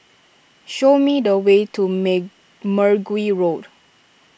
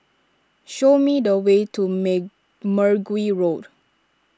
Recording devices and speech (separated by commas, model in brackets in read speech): boundary microphone (BM630), standing microphone (AKG C214), read sentence